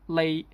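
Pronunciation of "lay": This is the word 'late' said the Hong Kong English way, as 'lay', with the final t deleted.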